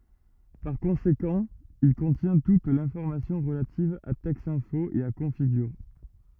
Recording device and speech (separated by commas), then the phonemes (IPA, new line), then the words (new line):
rigid in-ear microphone, read sentence
paʁ kɔ̃sekɑ̃ il kɔ̃tjɛ̃ tut lɛ̃fɔʁmasjɔ̃ ʁəlativ a tɛksɛ̃fo e a kɔ̃fiɡyʁ
Par conséquent, il contient toute l’information relative à Texinfo et à Configure.